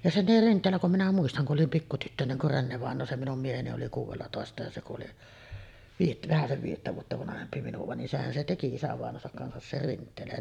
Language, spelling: Finnish, ja se oli Rinteellä kun minä muistan kun olin pikku tyttönen kun Renne-vainaja se minun mieheni oli kuudellatoista ja se kun oli - vähäsen viidettä vuotta vanhempi minua niin sehän se teki isävainajansakin kanssa sen Rinteelän
- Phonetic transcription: ja se oli 'Rint̆teellä kum minä 'muistaŋ ku ’olim pikku tyttöneŋ kur "Rennevàeǹoo , "se 'minum 'mieheni oli kuuvellatòesta ja se ku’ ’oli , viijet- "vähäsev 'viijettä vuotta vanahempi minuva nin "sehän se 'teki 'isävàeǹoosak kansas ser 'Rint̆teelän .

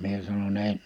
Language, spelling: Finnish, minä sanoin en
- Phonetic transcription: mie sano'ń‿ » en .

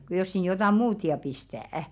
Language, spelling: Finnish, kun jos sinne jotakin muuta ja pistää
- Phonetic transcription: ku jos sin 'jotà "muut ja 'pistä̀₍ᵃ̈ .

